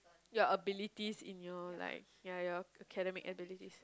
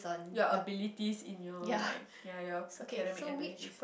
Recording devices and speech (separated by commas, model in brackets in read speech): close-talking microphone, boundary microphone, conversation in the same room